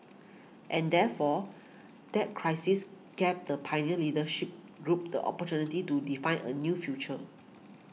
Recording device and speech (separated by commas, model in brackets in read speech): mobile phone (iPhone 6), read sentence